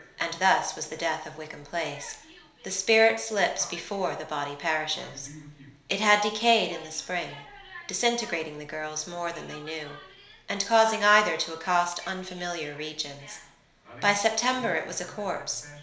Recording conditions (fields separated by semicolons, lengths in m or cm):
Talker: one person; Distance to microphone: 1.0 m; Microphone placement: close; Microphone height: 1.1 m; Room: small (3.7 m by 2.7 m); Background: television